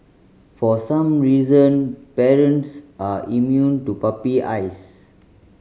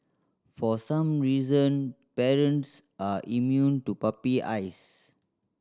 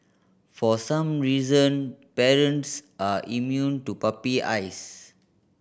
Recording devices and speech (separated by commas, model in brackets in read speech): mobile phone (Samsung C5010), standing microphone (AKG C214), boundary microphone (BM630), read sentence